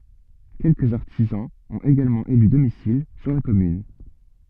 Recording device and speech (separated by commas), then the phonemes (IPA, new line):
soft in-ear microphone, read sentence
kɛlkəz aʁtizɑ̃z ɔ̃t eɡalmɑ̃ ely domisil syʁ la kɔmyn